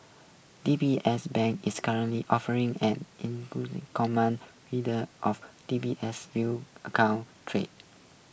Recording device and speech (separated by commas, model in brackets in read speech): boundary microphone (BM630), read sentence